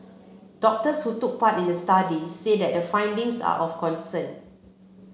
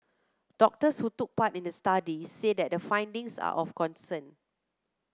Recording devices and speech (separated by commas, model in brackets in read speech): mobile phone (Samsung C7), close-talking microphone (WH30), read sentence